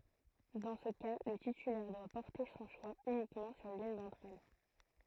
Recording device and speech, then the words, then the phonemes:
throat microphone, read sentence
Dans ce cas le titulaire doit porter son choix uniquement sur l'une d'entre elles.
dɑ̃ sə ka lə titylɛʁ dwa pɔʁte sɔ̃ ʃwa ynikmɑ̃ syʁ lyn dɑ̃tʁ ɛl

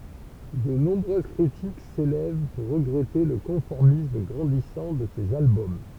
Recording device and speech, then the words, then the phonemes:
temple vibration pickup, read sentence
De nombreuses critiques s'élèvent pour regretter le conformisme grandissant de ces albums.
də nɔ̃bʁøz kʁitik selɛv puʁ ʁəɡʁɛte lə kɔ̃fɔʁmism ɡʁɑ̃disɑ̃ də sez albɔm

